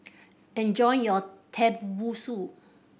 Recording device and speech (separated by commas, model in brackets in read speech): boundary microphone (BM630), read sentence